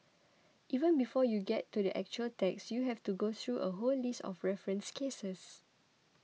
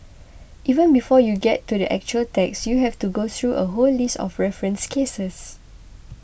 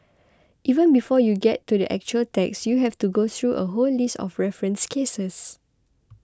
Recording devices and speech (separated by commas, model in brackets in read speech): mobile phone (iPhone 6), boundary microphone (BM630), close-talking microphone (WH20), read sentence